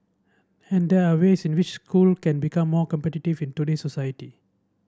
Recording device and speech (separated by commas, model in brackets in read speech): standing microphone (AKG C214), read sentence